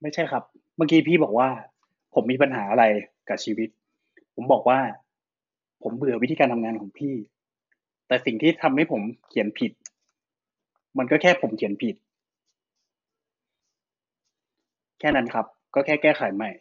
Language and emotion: Thai, frustrated